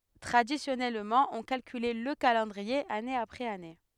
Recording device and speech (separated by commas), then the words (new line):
headset microphone, read sentence
Traditionnellement, on calculait le calendrier année après années.